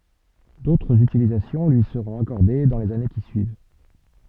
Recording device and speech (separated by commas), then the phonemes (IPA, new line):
soft in-ear microphone, read sentence
dotʁz ytilizasjɔ̃ lyi səʁɔ̃t akɔʁde dɑ̃ lez ane ki syiv